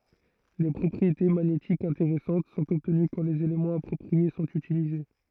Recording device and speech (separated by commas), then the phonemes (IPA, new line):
throat microphone, read sentence
de pʁɔpʁiete maɲetikz ɛ̃teʁɛsɑ̃t sɔ̃t ɔbtəny kɑ̃ lez elemɑ̃z apʁɔpʁie sɔ̃t ytilize